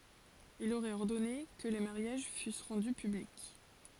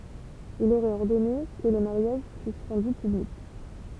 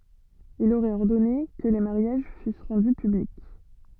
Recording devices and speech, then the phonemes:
forehead accelerometer, temple vibration pickup, soft in-ear microphone, read sentence
il oʁɛt ɔʁdɔne kə le maʁjaʒ fys ʁɑ̃dy pyblik

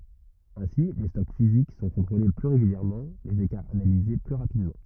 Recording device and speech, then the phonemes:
rigid in-ear microphone, read sentence
ɛ̃si le stɔk fizik sɔ̃ kɔ̃tʁole ply ʁeɡyljɛʁmɑ̃ lez ekaʁz analize ply ʁapidmɑ̃

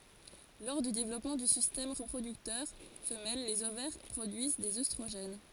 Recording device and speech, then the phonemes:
forehead accelerometer, read sentence
lɔʁ dy devlɔpmɑ̃ dy sistɛm ʁəpʁodyktœʁ fəmɛl lez ovɛʁ pʁodyiz dez østʁoʒɛn

